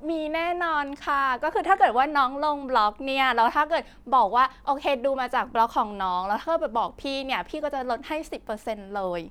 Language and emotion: Thai, happy